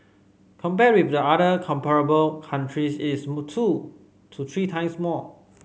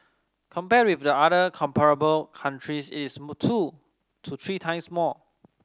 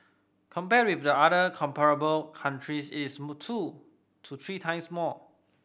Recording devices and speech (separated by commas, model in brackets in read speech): mobile phone (Samsung C5010), standing microphone (AKG C214), boundary microphone (BM630), read sentence